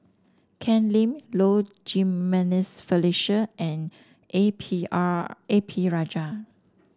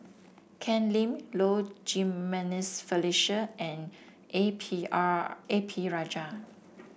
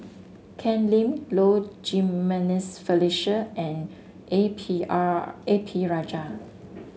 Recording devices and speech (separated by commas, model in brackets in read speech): standing microphone (AKG C214), boundary microphone (BM630), mobile phone (Samsung S8), read sentence